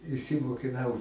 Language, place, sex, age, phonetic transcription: Lithuanian, Aukštaitija, male, 60+, išsimokiˈnau

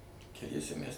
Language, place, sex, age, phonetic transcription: Lithuanian, Suvalkija, male, 60+, keˈliese mæs

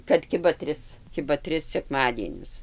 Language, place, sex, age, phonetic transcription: Lithuanian, Dzūkija, female, 60+, kad ˈkiba ˈtris ˈkiba ˈtris sekˈmadienius

